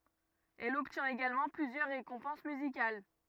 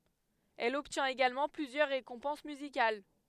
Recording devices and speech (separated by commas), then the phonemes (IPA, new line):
rigid in-ear microphone, headset microphone, read sentence
ɛl ɔbtjɛ̃t eɡalmɑ̃ plyzjœʁ ʁekɔ̃pɑ̃s myzikal